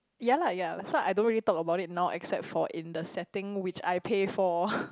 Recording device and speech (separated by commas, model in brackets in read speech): close-talking microphone, conversation in the same room